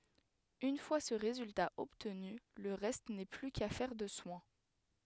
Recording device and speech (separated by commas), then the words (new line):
headset microphone, read sentence
Une fois ce résultat obtenu, le reste n'est plus qu'affaire de soin.